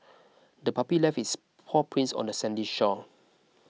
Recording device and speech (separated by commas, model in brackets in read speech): mobile phone (iPhone 6), read sentence